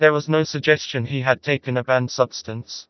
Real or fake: fake